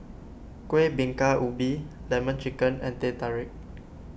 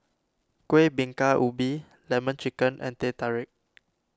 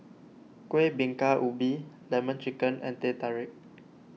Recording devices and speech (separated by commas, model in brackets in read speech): boundary microphone (BM630), standing microphone (AKG C214), mobile phone (iPhone 6), read sentence